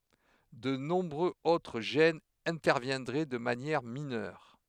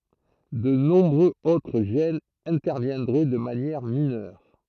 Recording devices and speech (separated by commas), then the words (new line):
headset microphone, throat microphone, read sentence
De nombreux autres gènes interviendraient de manière mineure.